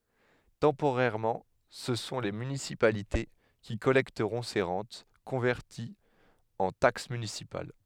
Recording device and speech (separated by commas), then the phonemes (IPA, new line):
headset microphone, read sentence
tɑ̃poʁɛʁmɑ̃ sə sɔ̃ le mynisipalite ki kɔlɛktəʁɔ̃ se ʁɑ̃t kɔ̃vɛʁtiz ɑ̃ taks mynisipal